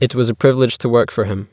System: none